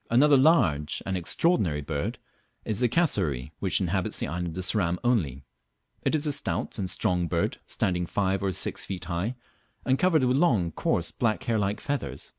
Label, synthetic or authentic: authentic